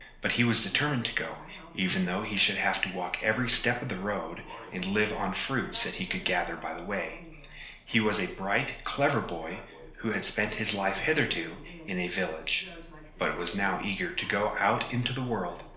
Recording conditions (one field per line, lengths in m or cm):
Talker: one person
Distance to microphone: 1.0 m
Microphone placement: close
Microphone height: 1.1 m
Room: small (3.7 m by 2.7 m)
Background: television